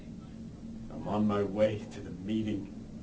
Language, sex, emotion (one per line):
English
male
neutral